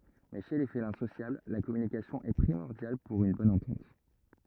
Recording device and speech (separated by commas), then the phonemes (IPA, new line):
rigid in-ear microphone, read sentence
mɛ ʃe le felɛ̃ sosjabl la kɔmynikasjɔ̃ ɛ pʁimɔʁdjal puʁ yn bɔn ɑ̃tɑ̃t